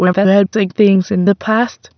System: TTS, waveform concatenation